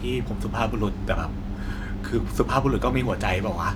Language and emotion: Thai, frustrated